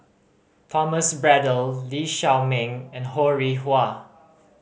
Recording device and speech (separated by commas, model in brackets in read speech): mobile phone (Samsung C5010), read sentence